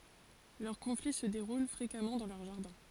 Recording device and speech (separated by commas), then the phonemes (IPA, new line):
forehead accelerometer, read sentence
lœʁ kɔ̃fli sə deʁul fʁekamɑ̃ dɑ̃ lœʁ ʒaʁdɛ̃